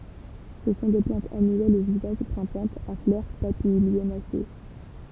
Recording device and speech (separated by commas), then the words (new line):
temple vibration pickup, read sentence
Ce sont des plantes annuelles ou vivaces grimpantes à fleurs papilionacées.